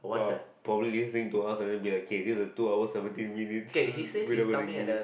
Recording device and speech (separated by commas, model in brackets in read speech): boundary microphone, conversation in the same room